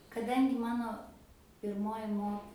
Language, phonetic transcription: Lithuanian, kaˈdangi ˈmano pirˈmoji ˈmok

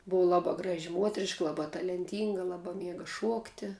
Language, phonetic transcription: Lithuanian, ˈbuva ˈlabā ˈgraži ˈmuotriška ˈlabā talenˈtynga ˈlabā ˈmiega ˈšuokti

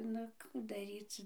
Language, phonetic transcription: Lithuanian, nu ˈkų daˈryc

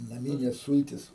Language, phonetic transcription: Lithuanian, naˈmynės ˈsultis

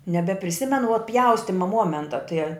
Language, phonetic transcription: Lithuanian, nebepriˈsimenu vuo ˈpjaustima ˈmuomenta tɨe

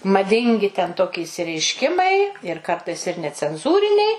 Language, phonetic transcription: Lithuanian, maˈdingi ten ˈtoki išsireišˈkimai ir ˈkartais ir necenˈzūriniai

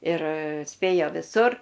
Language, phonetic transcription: Lithuanian, ir ˈspėjo viˈsur

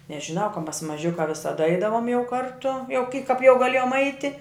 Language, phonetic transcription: Lithuanian, nežiˈnau ka mas maˈžiukā visaˈda ˈaidavom jau ˈkartu jau ki kap jau gaˈlėjom ˈaiti

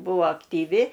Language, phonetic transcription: Lithuanian, ˈbuo aktyˈvi

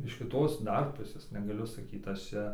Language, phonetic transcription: Lithuanian, iš kiˈtos ˈdar ˈpusės negaˈliu saˈkyt aš ˈčia

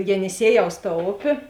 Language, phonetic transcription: Lithuanian, jeniˈsieˌjaus ta ˈopė

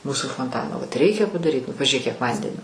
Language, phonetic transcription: Lithuanian, ˈmūsu fonˈtano vat ˈreikia padaˈryt nu pažiuˈrėk kiek ˈvandenio

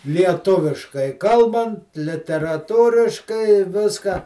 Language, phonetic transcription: Lithuanian, lieˈtuviškai ˈkalbant literaˈtūriškai i ˈviską

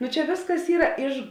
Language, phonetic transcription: Lithuanian, ˈnu ˈčia ˈvėsˌkas ˈyra ˈiš

